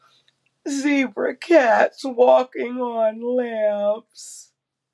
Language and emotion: English, sad